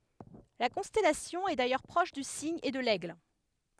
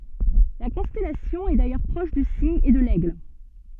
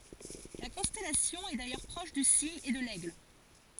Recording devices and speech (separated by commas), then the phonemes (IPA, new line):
headset microphone, soft in-ear microphone, forehead accelerometer, read sentence
la kɔ̃stɛlasjɔ̃ ɛ dajœʁ pʁɔʃ dy siɲ e də lɛɡl